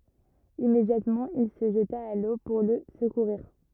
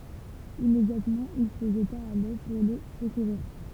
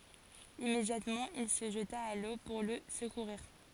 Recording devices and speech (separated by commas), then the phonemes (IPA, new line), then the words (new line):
rigid in-ear microphone, temple vibration pickup, forehead accelerometer, read sentence
immedjatmɑ̃ il sə ʒəta a lo puʁ lə səkuʁiʁ
Immédiatement, il se jeta à l’eau pour le secourir.